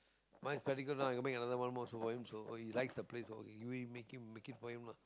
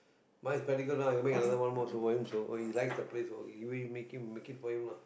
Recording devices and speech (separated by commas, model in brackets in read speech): close-talking microphone, boundary microphone, conversation in the same room